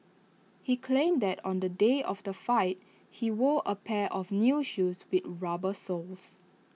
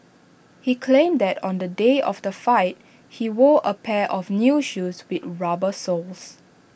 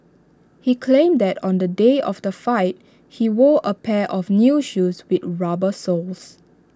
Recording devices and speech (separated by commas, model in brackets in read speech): mobile phone (iPhone 6), boundary microphone (BM630), standing microphone (AKG C214), read sentence